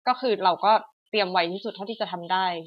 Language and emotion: Thai, frustrated